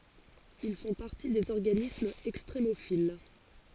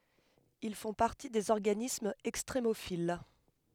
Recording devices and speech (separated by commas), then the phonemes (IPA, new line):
forehead accelerometer, headset microphone, read sentence
il fɔ̃ paʁti dez ɔʁɡanismz ɛkstʁemofil